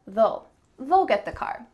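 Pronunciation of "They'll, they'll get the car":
'They'll' is said the relaxed, natural way, with an ul sound.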